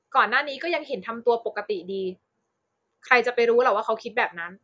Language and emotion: Thai, frustrated